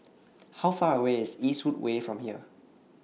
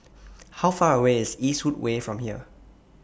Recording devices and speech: mobile phone (iPhone 6), boundary microphone (BM630), read sentence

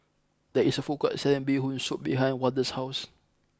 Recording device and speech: close-talking microphone (WH20), read sentence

